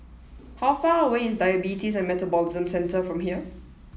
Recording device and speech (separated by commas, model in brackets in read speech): mobile phone (iPhone 7), read sentence